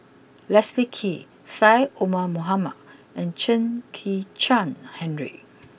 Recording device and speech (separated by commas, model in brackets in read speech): boundary microphone (BM630), read sentence